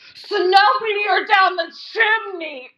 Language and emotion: English, disgusted